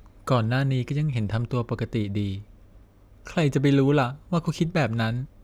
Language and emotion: Thai, sad